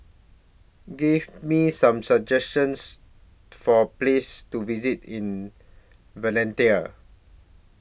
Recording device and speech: boundary microphone (BM630), read sentence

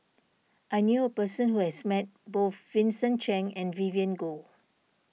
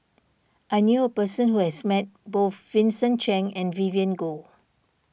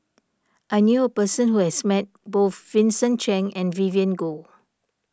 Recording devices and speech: mobile phone (iPhone 6), boundary microphone (BM630), standing microphone (AKG C214), read sentence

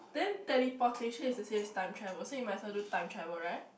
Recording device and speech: boundary microphone, conversation in the same room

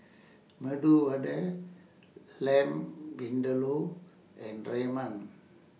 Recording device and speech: mobile phone (iPhone 6), read sentence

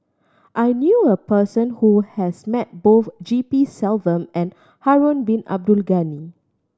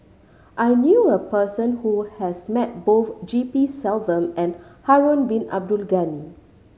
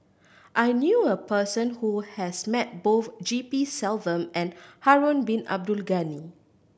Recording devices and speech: standing microphone (AKG C214), mobile phone (Samsung C5010), boundary microphone (BM630), read sentence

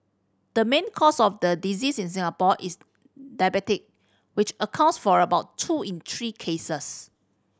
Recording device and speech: standing microphone (AKG C214), read sentence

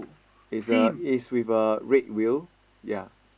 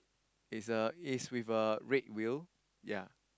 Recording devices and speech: boundary microphone, close-talking microphone, conversation in the same room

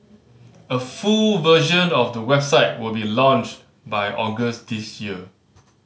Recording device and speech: mobile phone (Samsung C5010), read sentence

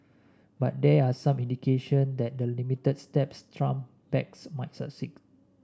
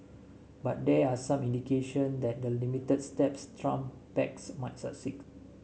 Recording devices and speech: standing microphone (AKG C214), mobile phone (Samsung S8), read sentence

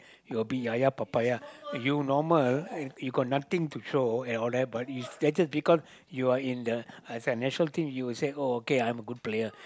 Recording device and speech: close-talking microphone, conversation in the same room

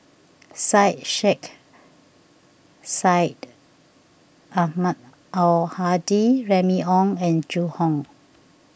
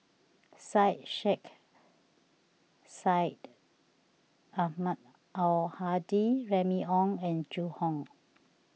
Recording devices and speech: boundary microphone (BM630), mobile phone (iPhone 6), read sentence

